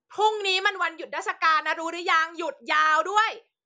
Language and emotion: Thai, angry